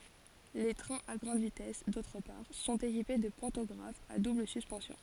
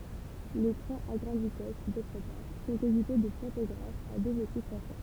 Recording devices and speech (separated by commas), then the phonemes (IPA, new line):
forehead accelerometer, temple vibration pickup, read sentence
le tʁɛ̃z a ɡʁɑ̃d vitɛs dotʁ paʁ sɔ̃t ekipe də pɑ̃tɔɡʁafz a dubl syspɑ̃sjɔ̃